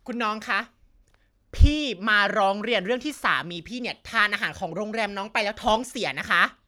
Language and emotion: Thai, angry